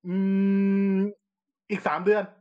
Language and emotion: Thai, neutral